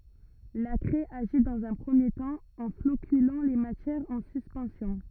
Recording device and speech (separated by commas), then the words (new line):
rigid in-ear microphone, read sentence
La craie agit dans un premier temps, en floculant les matières en suspension.